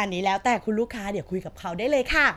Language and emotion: Thai, happy